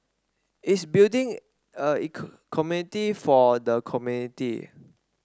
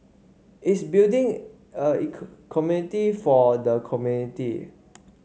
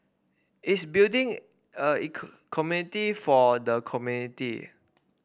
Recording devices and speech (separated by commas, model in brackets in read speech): standing microphone (AKG C214), mobile phone (Samsung C5), boundary microphone (BM630), read sentence